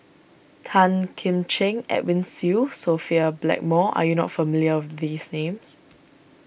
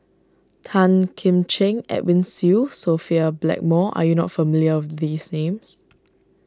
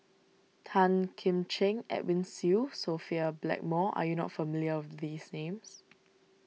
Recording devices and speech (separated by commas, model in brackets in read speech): boundary microphone (BM630), standing microphone (AKG C214), mobile phone (iPhone 6), read sentence